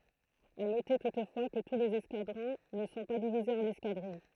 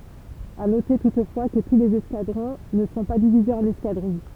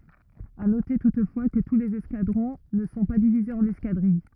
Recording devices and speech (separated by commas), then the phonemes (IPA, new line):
throat microphone, temple vibration pickup, rigid in-ear microphone, read sentence
a note tutfwa kə tu lez ɛskadʁɔ̃ nə sɔ̃ pa divizez ɑ̃n ɛskadʁij